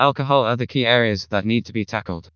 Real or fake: fake